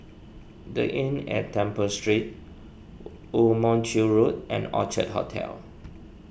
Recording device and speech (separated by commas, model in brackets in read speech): boundary microphone (BM630), read sentence